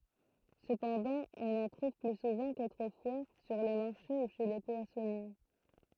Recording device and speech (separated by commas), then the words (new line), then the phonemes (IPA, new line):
throat microphone, read sentence
Cependant, on en trouve plus souvent qu'autrefois sur les marchés ou chez les poissonniers.
səpɑ̃dɑ̃ ɔ̃n ɑ̃ tʁuv ply suvɑ̃ kotʁəfwa syʁ le maʁʃe u ʃe le pwasɔnje